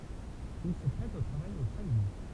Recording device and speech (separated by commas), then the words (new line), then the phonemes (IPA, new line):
temple vibration pickup, read sentence
Il se prête au travail au chalumeau.
il sə pʁɛt o tʁavaj o ʃalymo